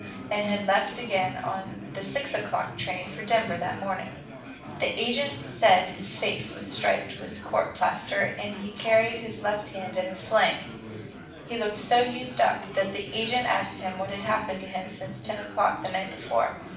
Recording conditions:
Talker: one person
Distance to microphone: 5.8 m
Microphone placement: far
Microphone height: 1.8 m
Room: medium-sized (5.7 m by 4.0 m)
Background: babble

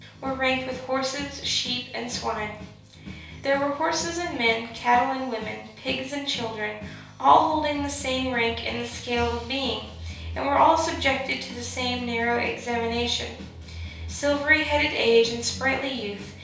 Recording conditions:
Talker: one person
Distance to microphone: 3.0 m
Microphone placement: far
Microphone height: 1.8 m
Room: small (3.7 m by 2.7 m)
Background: music

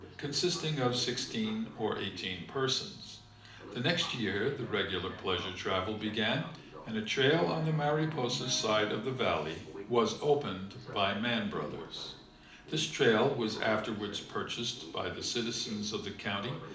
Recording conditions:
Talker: one person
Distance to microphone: 2.0 m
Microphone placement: close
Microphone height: 99 cm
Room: medium-sized (5.7 m by 4.0 m)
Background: television

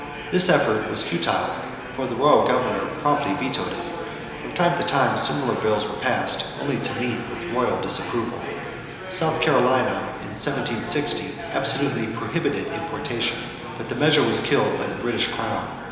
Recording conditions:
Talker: one person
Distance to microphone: 1.7 m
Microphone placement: close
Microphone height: 1.0 m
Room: very reverberant, large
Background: babble

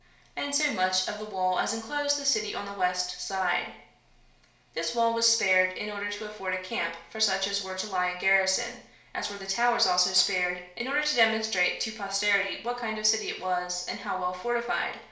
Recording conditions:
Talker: one person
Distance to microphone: 1.0 m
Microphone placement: close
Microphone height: 1.1 m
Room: small (3.7 m by 2.7 m)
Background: none

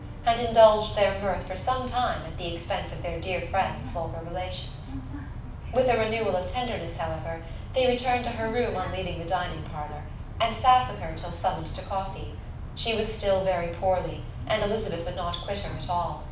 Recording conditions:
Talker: one person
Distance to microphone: 5.8 m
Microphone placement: far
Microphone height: 1.8 m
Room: medium-sized (5.7 m by 4.0 m)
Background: television

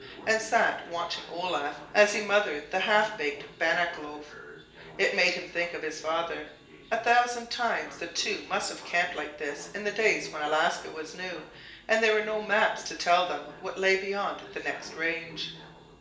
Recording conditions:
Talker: one person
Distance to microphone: 1.8 m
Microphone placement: close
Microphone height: 1.0 m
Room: large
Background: television

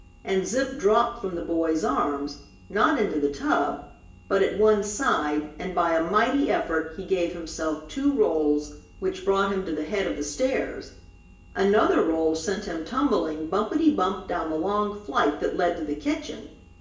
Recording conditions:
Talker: one person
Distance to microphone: 1.8 m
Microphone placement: close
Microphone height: 1.0 m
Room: large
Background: none

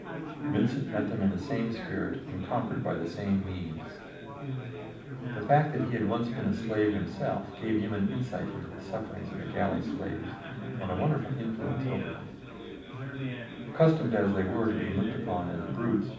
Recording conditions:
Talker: one person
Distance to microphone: 5.8 m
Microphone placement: far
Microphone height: 1.8 m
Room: medium-sized (5.7 m by 4.0 m)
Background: babble

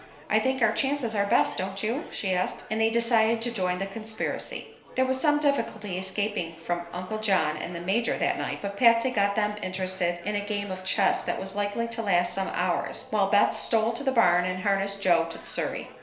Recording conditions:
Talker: one person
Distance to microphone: 1.0 m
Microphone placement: close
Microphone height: 1.1 m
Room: small (3.7 m by 2.7 m)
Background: babble

